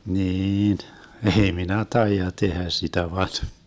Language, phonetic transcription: Finnish, 'niin , ʼei 'minä "taija 'tehä 'sitä van .
- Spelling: niin ei minä taida tehdä sitä vaan

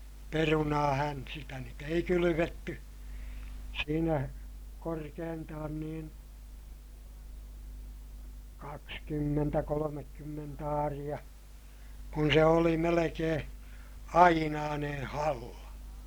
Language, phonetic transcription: Finnish, perunaahän , sitä nyt ‿ei kylyvetty , siinä korkeentaan niin , kakskymmentä kolomekkymment ‿aariʲa , kun se oli melekeè , ainaanen̬ halla .
- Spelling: perunaahan sitä nyt ei kylvetty siinä korkeintaan niin kaksikymmentä kolmekymmentä aaria kun se oli melkein ainainen halla

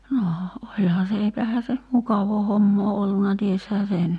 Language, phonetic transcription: Finnish, 'noo , 'oĺhaa se eipähää se , "mukavoo 'hommoo 'olluna 'tieshää "sen .
- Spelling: no olihan se eipähän se mukavaa hommaa ollut tiesihän sen

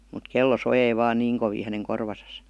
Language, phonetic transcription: Finnish, mut 'kello 'sojei vaan "niiŋ kovii häneŋ 'korvasas .
- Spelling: mutta kello soi vain niin kovin hänen korvassaan

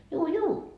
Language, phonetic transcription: Finnish, » 'juu juu .
- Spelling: juu juu

